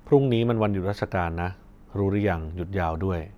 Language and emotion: Thai, neutral